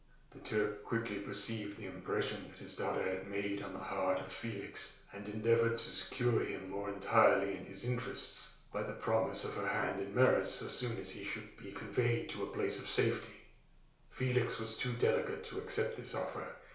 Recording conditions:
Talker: one person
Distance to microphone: 1.0 m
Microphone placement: close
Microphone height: 1.1 m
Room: small (3.7 m by 2.7 m)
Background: none

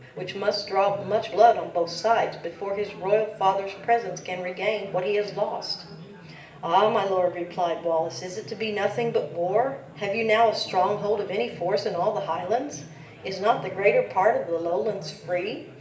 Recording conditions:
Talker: one person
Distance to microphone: 1.8 m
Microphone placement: close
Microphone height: 1.0 m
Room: large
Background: babble

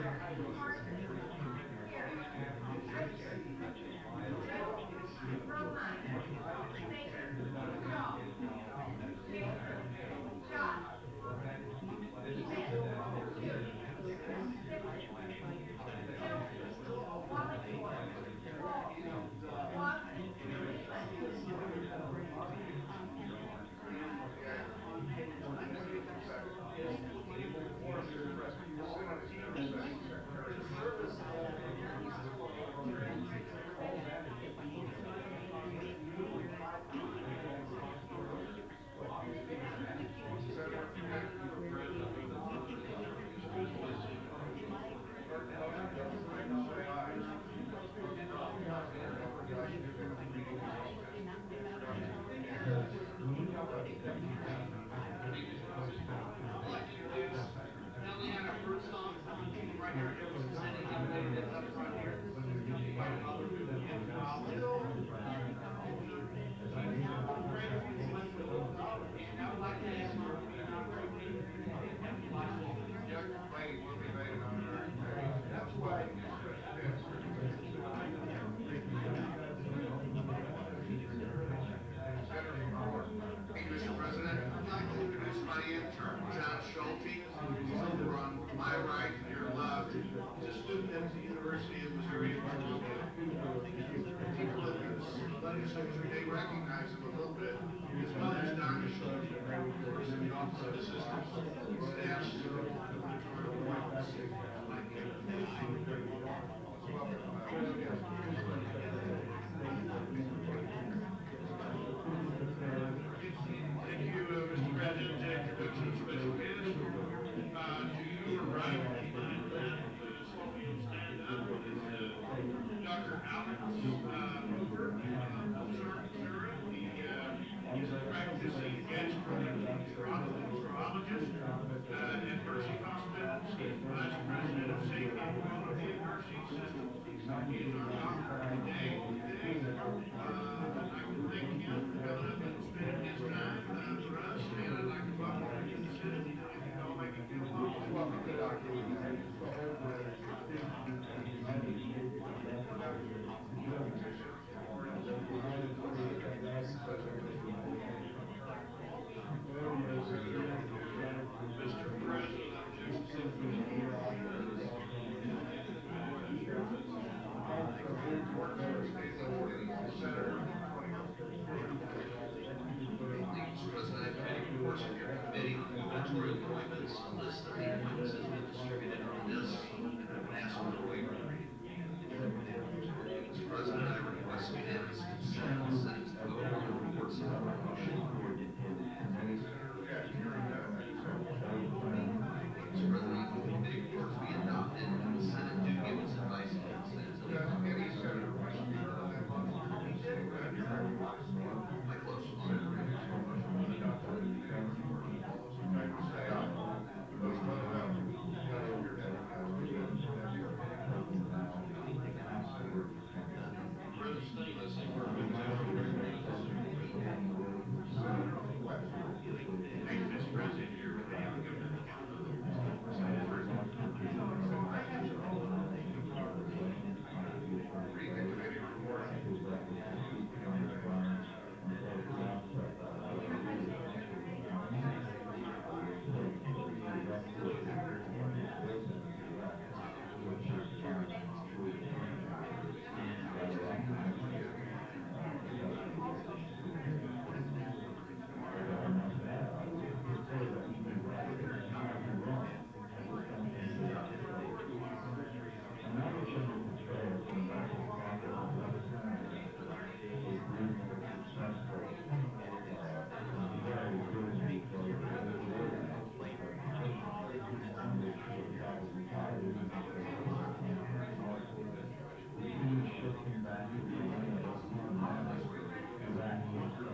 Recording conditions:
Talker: no one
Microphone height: 99 cm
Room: medium-sized (5.7 m by 4.0 m)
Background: babble

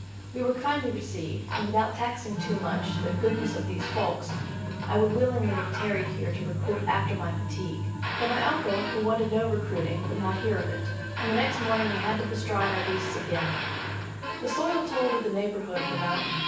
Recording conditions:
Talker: one person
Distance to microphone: 9.8 m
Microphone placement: far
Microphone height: 1.8 m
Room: large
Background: television

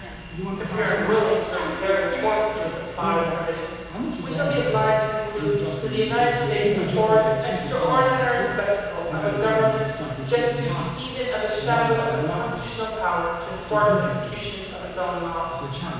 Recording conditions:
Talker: one person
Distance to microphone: 7.1 m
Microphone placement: far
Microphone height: 1.7 m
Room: very reverberant, large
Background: television

